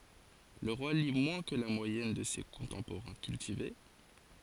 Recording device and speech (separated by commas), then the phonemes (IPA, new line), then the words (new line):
forehead accelerometer, read sentence
lə ʁwa li mwɛ̃ kə la mwajɛn də se kɔ̃tɑ̃poʁɛ̃ kyltive
Le roi lit moins que la moyenne de ses contemporains cultivés.